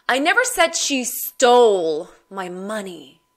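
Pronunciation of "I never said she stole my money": The emphasis falls on the word 'stole'.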